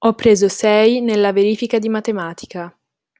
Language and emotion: Italian, neutral